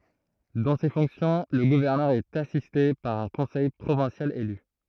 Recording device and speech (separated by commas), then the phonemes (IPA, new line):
throat microphone, read sentence
dɑ̃ se fɔ̃ksjɔ̃ lə ɡuvɛʁnœʁ ɛt asiste paʁ œ̃ kɔ̃sɛj pʁovɛ̃sjal ely